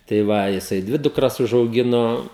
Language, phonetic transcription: Lithuanian, tai ˈva jiˈsai ˈdvi dukˈras užauˈgino

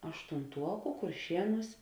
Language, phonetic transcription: Lithuanian, aštunˈtuoku kurˈšieˌnūs

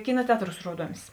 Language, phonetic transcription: Lithuanian, ˈkina ˈteatˌrūs ˈruoduomis

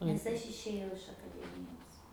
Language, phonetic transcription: Lithuanian, nes ˈaš išėˈjau iš akaˈdemijos

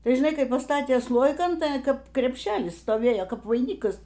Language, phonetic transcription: Lithuanian, ˈtai žiˈnai ˈkai paˈstatė ˈslojikan ˈtai ˈkap krepˈšelis stoˈvėjo ˈkap vaiˈnykas

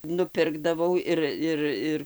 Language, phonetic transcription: Lithuanian, nuˈpirkdavau ˈir ˈir ˈir

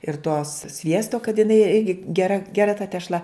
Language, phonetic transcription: Lithuanian, ir tos ˈsviesto kad jiˈnai ˈirgi geˈra geˈra ta tešˈla

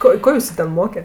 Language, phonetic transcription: Lithuanian, ˈko ˈko ˈjusu ten ˈmoke

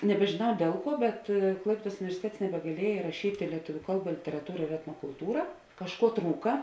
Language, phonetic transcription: Lithuanian, nebežėˈnau ˈdiel ˌkuo bet ˈklaipiedas universiˈtets nebegaˈlieja iraˈšytė lieˈtuviu ˈkalˌba literaˈtūra ir etnokulˈtūra kažˈkuo ˈtrūka

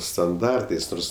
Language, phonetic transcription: Lithuanian, stanˈdartais ˈnors

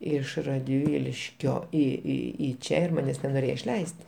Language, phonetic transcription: Lithuanian, ˈiš radˈvyliškio į į į ˈčia ir ˈmanes nenoˈrėjo išˈleist'

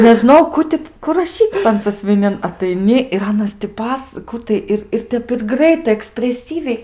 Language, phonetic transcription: Lithuanian, nežiˈnojau ˈku ti ˈku raˈšyc' tan sasviˈnin ataiˈni ir ˈanas ti ˈpas ˈkų tai ir ir ˈtep ir ˈgraitai ekspreˈsyviai

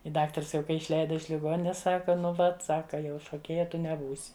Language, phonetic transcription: Lithuanian, i ˈdaktars jau ˈkai išˈleida iš liˈgoninės ˈsaka ˈnu ˈvat ˈsaka jau šoˈkėja ˈtu neˈbūsi

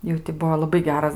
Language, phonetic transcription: Lithuanian, ˈjau ti ˈbuo laˈbai ˈgeras

